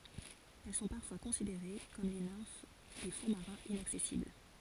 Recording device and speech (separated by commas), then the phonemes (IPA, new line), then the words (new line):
forehead accelerometer, read sentence
ɛl sɔ̃ paʁfwa kɔ̃sideʁe kɔm le nɛ̃f de fɔ̃ maʁɛ̃z inaksɛsibl
Elles sont parfois considérées comme les nymphes des fonds marins inaccessibles.